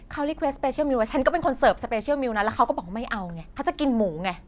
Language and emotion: Thai, angry